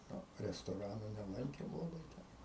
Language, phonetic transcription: Lithuanian, ˈnu restoˈranu neˈlankėm laˈbai ten

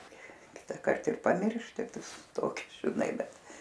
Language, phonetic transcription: Lithuanian, ˈkitakart ir paˈmiršti ˈtoki žiˈnai ˈbet

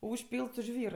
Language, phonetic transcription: Lithuanian, užˈpylt su ˈžvyr

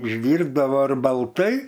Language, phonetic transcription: Lithuanian, išˈdyrbdavo ir balˈtai

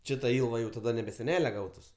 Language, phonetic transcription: Lithuanian, ˈči ta ˈilva ˈjau taˈda nebe seˈnele ˈgautus

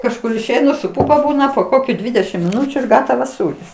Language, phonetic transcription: Lithuanian, kažˈkur išˈeinu su ˈpupa ˈbūna po ˈkokiu ˈdvidešim miˈnučiu ir ˈgatavas ˈsūris

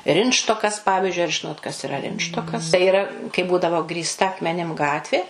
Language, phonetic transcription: Lithuanian, ˈrintštokas ˈpavižiui ar ˈžinot kas iˈra ˈrintštokas tai yˈra kai ˈbūdavo grįsˈta akmeˈnim ˈgatvė

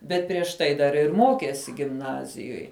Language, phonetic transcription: Lithuanian, bet prieš ˈtai dar ir ˈmokėsi gimˈnazijoj

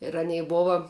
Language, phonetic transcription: Lithuanian, ir aˈnei ˈbova

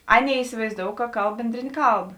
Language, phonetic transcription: Lithuanian, ˈaˌnėi isivaizˈdou ka ˈkalb ˈbendrėnė ˈkalb

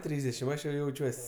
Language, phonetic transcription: Lithuanian, ˈtrysdešim ˈaš jau jauˈčiuos'

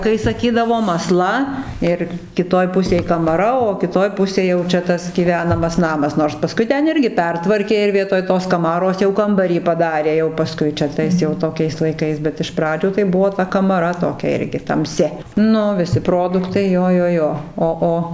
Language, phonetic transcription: Lithuanian, kai saˈkydavom aˈsla ir kiˈtoj ˈpusėj kamaˈra o kiˈtoj ˈpusėj jau ˈčia ˈtas gyˈvenamas ˈnamas nors paˈskui ˈten ˈirgi ˈpertvarkė ir ˈvietoj tos kaˈmaros jau ˈkambarį paˈdarė jau paˈskui čia ˈtais jau toˈkiais laiˈkais bet iš ˈpradžių tai ˈbuvo ˈta kamaˈra toˈkia ˈirgi tamˈsi ˈnu viˈsi ˈproduktai ˈjo ˈjo ˈjo o ˈo

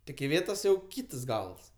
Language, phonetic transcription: Lithuanian, tik iˈvėtos jau ˈkytas ˈgals

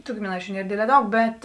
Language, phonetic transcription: Lithuanian, tu gimiˈnaičiu ˈnier ˈdėdlē ˈdaug ˈbet

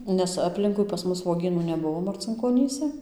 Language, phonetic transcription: Lithuanian, ˈnes aˈplinkui pas ˈmus vuoˈgynų neˈbuvo marcinkoˈnyse

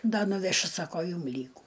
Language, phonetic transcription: Lithuanian, ˈda nuveˈšiu ˈsako ˈjūm ˈlygų

